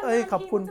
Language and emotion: Thai, happy